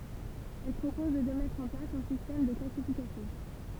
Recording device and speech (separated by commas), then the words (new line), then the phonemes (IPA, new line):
temple vibration pickup, read sentence
Elle propose de mettre en place un système de classification.
ɛl pʁopɔz də mɛtʁ ɑ̃ plas œ̃ sistɛm də klasifikasjɔ̃